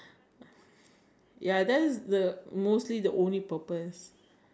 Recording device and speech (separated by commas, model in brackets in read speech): standing microphone, conversation in separate rooms